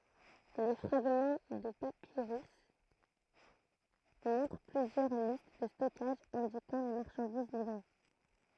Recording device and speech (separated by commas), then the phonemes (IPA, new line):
throat microphone, read sentence
le fʁaɡmɑ̃ də papiʁys mɔ̃tʁ plyzjœʁ list də stɔkaʒ ɛ̃dikɑ̃ le maʁʃɑ̃diz livʁe